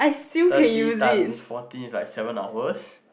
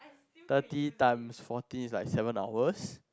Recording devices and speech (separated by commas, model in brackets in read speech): boundary microphone, close-talking microphone, conversation in the same room